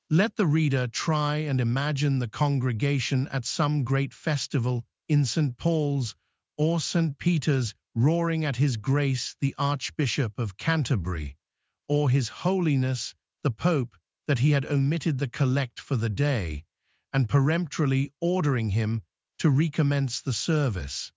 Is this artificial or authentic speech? artificial